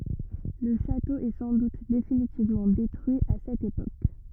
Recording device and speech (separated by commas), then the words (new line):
rigid in-ear microphone, read sentence
Le château est sans doute définitivement détruit à cette époque.